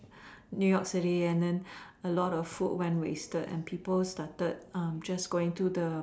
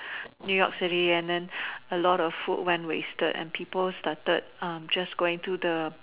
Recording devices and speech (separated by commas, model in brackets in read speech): standing microphone, telephone, conversation in separate rooms